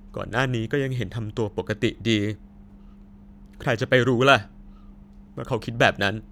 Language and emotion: Thai, sad